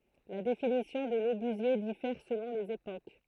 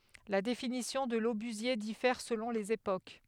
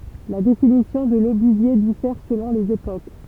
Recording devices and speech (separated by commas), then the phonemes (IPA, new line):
throat microphone, headset microphone, temple vibration pickup, read sentence
la definisjɔ̃ də lobyzje difɛʁ səlɔ̃ lez epok